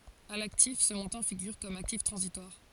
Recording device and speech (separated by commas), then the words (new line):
forehead accelerometer, read sentence
À l'actif, ce montant figure comme actif transitoire.